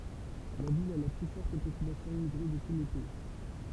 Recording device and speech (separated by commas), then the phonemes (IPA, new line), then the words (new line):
temple vibration pickup, read sentence
la vil a la ply fɔʁt popylasjɔ̃ immiɡʁe də tu lə pɛi
La ville a la plus forte population immigrée de tout le pays.